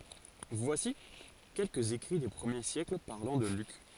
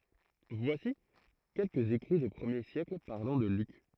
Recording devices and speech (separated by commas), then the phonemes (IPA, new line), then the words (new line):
forehead accelerometer, throat microphone, read sentence
vwasi kɛlkəz ekʁi de pʁəmje sjɛkl paʁlɑ̃ də lyk
Voici quelques écrits des premiers siècles parlant de Luc.